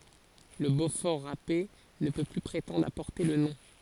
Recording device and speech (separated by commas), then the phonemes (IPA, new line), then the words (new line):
forehead accelerometer, read sentence
lə bofɔʁ ʁape nə pø ply pʁetɑ̃dʁ a pɔʁte lə nɔ̃
Le beaufort râpé ne peut plus prétendre à porter le nom.